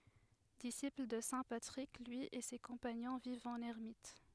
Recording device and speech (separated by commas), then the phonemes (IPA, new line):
headset microphone, read sentence
disipl də sɛ̃ patʁik lyi e se kɔ̃paɲɔ̃ vivt ɑ̃n ɛʁmit